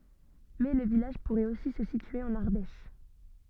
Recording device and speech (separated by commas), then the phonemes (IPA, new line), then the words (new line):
soft in-ear microphone, read sentence
mɛ lə vilaʒ puʁɛt osi sə sitye ɑ̃n aʁdɛʃ
Mais le village pourrait aussi se situer en Ardèche.